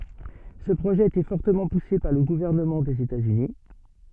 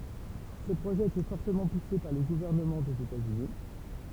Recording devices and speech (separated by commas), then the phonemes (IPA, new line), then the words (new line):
soft in-ear microphone, temple vibration pickup, read sentence
sə pʁoʒɛ a ete fɔʁtəmɑ̃ puse paʁ lə ɡuvɛʁnəmɑ̃ dez etatsyni
Ce projet a été fortement poussé par le gouvernement des États-Unis.